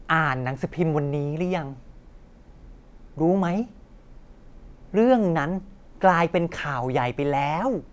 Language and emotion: Thai, happy